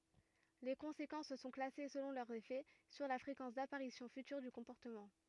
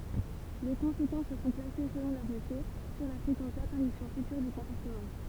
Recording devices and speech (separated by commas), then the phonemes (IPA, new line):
rigid in-ear microphone, temple vibration pickup, read sentence
le kɔ̃sekɑ̃s sɔ̃ klase səlɔ̃ lœʁ efɛ syʁ la fʁekɑ̃s dapaʁisjɔ̃ fytyʁ dy kɔ̃pɔʁtəmɑ̃